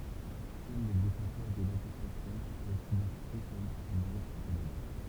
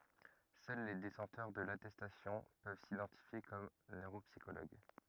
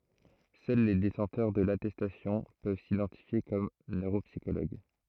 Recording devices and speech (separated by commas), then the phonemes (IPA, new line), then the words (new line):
temple vibration pickup, rigid in-ear microphone, throat microphone, read sentence
sœl le detɑ̃tœʁ də latɛstasjɔ̃ pøv sidɑ̃tifje kɔm nøʁopsikoloɡ
Seuls les détenteurs de l'attestation peuvent s'identifier comme neuropsychologues.